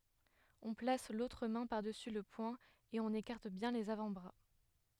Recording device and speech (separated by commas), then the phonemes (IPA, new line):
headset microphone, read sentence
ɔ̃ plas lotʁ mɛ̃ paʁdəsy lə pwɛ̃ e ɔ̃n ekaʁt bjɛ̃ lez avɑ̃tbʁa